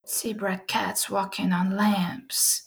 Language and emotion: English, fearful